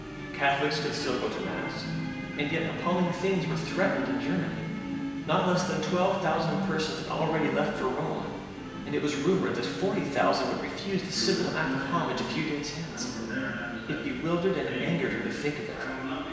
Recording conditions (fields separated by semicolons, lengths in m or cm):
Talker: one person; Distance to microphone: 1.7 m; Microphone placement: close; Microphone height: 1.0 m; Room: very reverberant, large; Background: television